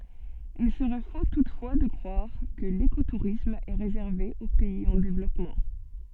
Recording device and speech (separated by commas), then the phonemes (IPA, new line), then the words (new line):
soft in-ear microphone, read sentence
il səʁɛ fo tutfwa də kʁwaʁ kə lekotuʁism ɛ ʁezɛʁve o pɛiz ɑ̃ devlɔpmɑ̃
Il serait faux toutefois de croire que l'écotourisme est réservé aux pays en développement.